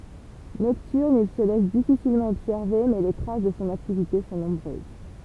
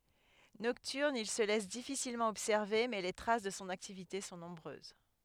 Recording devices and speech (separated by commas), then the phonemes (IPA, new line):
temple vibration pickup, headset microphone, read sentence
nɔktyʁn il sə lɛs difisilmɑ̃ ɔbsɛʁve mɛ le tʁas də sɔ̃ aktivite sɔ̃ nɔ̃bʁøz